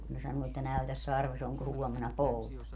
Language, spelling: Finnish, kun ne sanoo että näytä sarvesi onko huomenna pouta
- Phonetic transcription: kun ne 'sanuu että » 'näytäs 'sarves ‿oŋko 'huomena "pouta » .

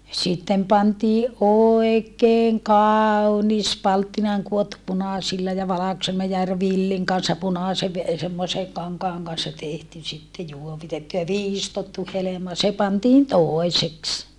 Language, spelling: Finnish, sitten pantiin oikein kaunis palttinaan kudottu punaisilla ja valkoisella ja - villin kanssa punaisen semmoisen kankaan kanssa tehty sitten juovitettu ja viistottu helma se pantiin toiseksi
- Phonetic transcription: sittem pantiiʼ ʼoekeeŋ kaau̬nis palttinaaŋ kuottu punàsilla ja valakosella ja ‿r - villiŋ kanssa punàsev , semmose , kaŋkaaŋ kanssa tehty sitte juovitettu ja viistottu helema se pantiin tòeseks .

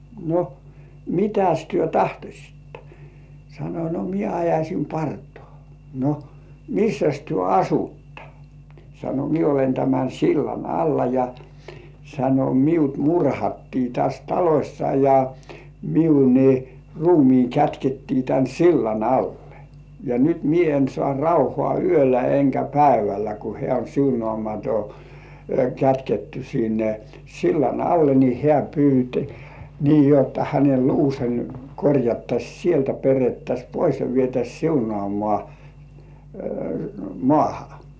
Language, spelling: Finnish, no mitäs te tahtoisitte sanoi no minä ajaisin partani no missäs te asutte sanoi minä olen tämän sillan alla ja sanoi minut murhattiin tässä talossa ja minun niin ruumiini kätkettiin tämän sillan alle ja nyt minä en saa rauhaa yöllä enkä päivällä kun hän oli siunaamaton kätketty sinne sillan alle niin hän pyysi niin jotta hänen luunsa korjattaisiin sieltä perettäisiin pois ja vietäisiin siunaamaan maahan
- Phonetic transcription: » no , "mitäs 'työ "tahtośittᴀ « , sano » no "mie ajaśim 'partᴏ̆ᴀ̀ « , » no , "missäs työ "asuttᴀ « , sano » mie olen tämän "sillan 'alla ja « , sano » miut "murhattii täs 'talośsa ja , miu ni , 'ruumiiŋ kätkettii tän "sillan 'allᴇ , ja nyt "mie en sŏà 'rauhŏà "yölä eŋkä "päivällä « ku 'hĕä̀ oĺ "siunŏàmato , kätketty sinne , 'sillan "alle ni 'hĕä̀ pyyt , nii 'jotta hänel "luuse , korjattaś "sieltä 'perettäs̜ "pois ja vietäs̜ 'siunŏàmŏà , "mŏàha .

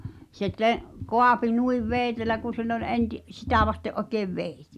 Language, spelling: Finnish, se - kaapi noin veitsellä kun sen oli - sitä vasten oikein veitsi
- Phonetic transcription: se te’- , "kò̳à̳pi "nuiv "vèⁱtelä ku sen ‿oĺ 'enti’-"sitä̀ vaste’ ’okeev 'veeⁱhtɪ .

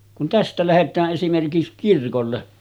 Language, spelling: Finnish, kun tästä lähdetään esimerkiksi kirkolle
- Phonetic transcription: kun 'tästä 'lähet̆tää’ ’esimerkis kirkolle .

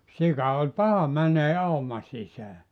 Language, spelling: Finnish, sika oli paha menemään auman sisään
- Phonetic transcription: 'sika oĺ "paha 'mänee 'auma sisää .

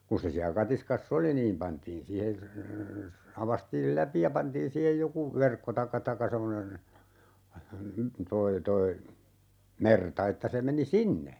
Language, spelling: Finnish, kun se siellä katiskassa oli niin pantiin siihen aukaistiin läpi ja pantiin siihen joku verkko tai tai semmoinen tuo tuo merta että se meni sinne
- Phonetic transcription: 'kun̬ se siä 'katiskas"s ‿oli niim 'pantiin siihe , 'avastiil "läpi ja 'pantiin 'siihej 'joku , "verkko taⁱkka 'takka semmonen , 'toi 'toi , 'merta että se 'meni "sinne .

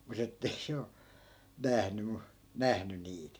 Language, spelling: Finnish, mutta että ei se ole nähnyt - nähnyt niitä
- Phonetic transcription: 'mut ‿ettei 'se o , 'nähny mu , "nähny 'niit .

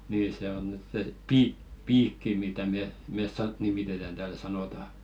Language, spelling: Finnish, niin se on nyt se - piikki mitä me me - nimitetään täällä sanotaan
- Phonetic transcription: niin 'se on nyt se 'piik- "piikki mitä 'me , 'mes sa- 'nimitetän tääl sanòta .

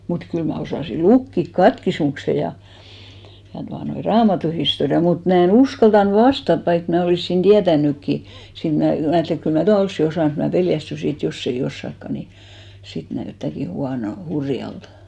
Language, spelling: Finnish, mutta kyllä minä osasin lukea katekismuksen ja ja tuota noin raamatunhistorian mutta minä en uskaltanut vastata vaikka minä olisin tietänytkin siinä minä minä ajattelin että kyllä minä tuon olisin osannut mutta minä pelästyin että jos ei osaakaan niin sitten näyttääkin - hurjalta
- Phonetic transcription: mut 'kyl ma̳§ osàsi "lukkik "katkismukse ja , ja tuanoi , "raamatuhistoria mut 'mä e'n ‿uskaltan "vastat vaik mä 'olìssin 'ᴅiätännykki , 'siin mnä , 'mä ajatteli et kyl mä "tua 'olssi 'osàn mut mä 'peljästysi et 'joss ‿ei 'ossakka ni , 'sit 'näyttä̀ki 'huanol- , "hurjaltᴀ .

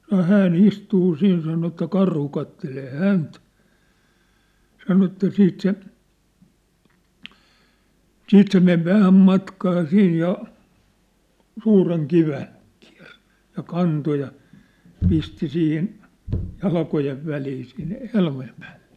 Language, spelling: Finnish, sanoi hän istuu siinä sanoi että karhu katselee häntä sanoi että sitten se sitten se meni vähän matkaa siinä ja suuren kiven kiersi ja kanto ja pisti siihen jalkojen väliin siinä helmojen päälle
- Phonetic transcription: sano 'hää'n ‿istuu 'siin sano että 'karhu kattelee "hänt , sano että 'siit se , 'siit se mev 'vähäm matkaa 'siij ja , 'suureŋ 'kiven , kɪᴀ̭̈r(s) , ja 'kanto ja , 'pisti 'siihin , 'jalkojev 'välii siin , 'helmojem pᴀ̈ᴀ̈ʟʟᴇ .

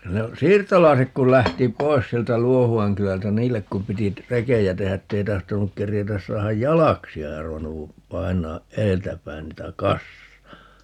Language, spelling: Finnish, no siirtolaiset kun lähti pois sieltä Luohuan kylältä niille kun piti - rekiä tehdä että ei tahtonut keritä saada jalaksia ei arvannut painaa edeltä päin niitä kassaan
- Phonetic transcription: (no) , "siirtolaisek kul 'lähti "poi̮s 'sieltä "Luohu₍aŋ 'kylältä - "niillek kum 'piti t- , "rekejä 'tehä ‿ttei 'tahtonuk 'kerjetäs 'saahaj "jalaksi₍a - 'ei arvannu , 'painaaʼ "ʼeeltä päin 'niitä "kassaa .

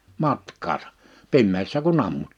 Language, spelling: Finnish, matkaansa pimeässä kun ammuin
- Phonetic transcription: matk̀aasᴀ , 'pimmeessä ku"n ‿ammuɴ́ .

